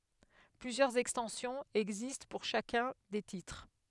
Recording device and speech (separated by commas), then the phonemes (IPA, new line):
headset microphone, read sentence
plyzjœʁz ɛkstɑ̃sjɔ̃z ɛɡzist puʁ ʃakœ̃ de titʁ